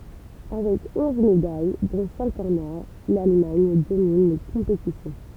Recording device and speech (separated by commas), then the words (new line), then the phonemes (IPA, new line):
temple vibration pickup, read sentence
Avec onze médailles, dont cinq en or, l'Allemagne domine les compétitions.
avɛk ɔ̃z medaj dɔ̃ sɛ̃k ɑ̃n ɔʁ lalmaɲ domin le kɔ̃petisjɔ̃